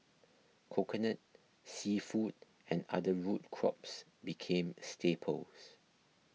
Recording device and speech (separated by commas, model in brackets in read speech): mobile phone (iPhone 6), read sentence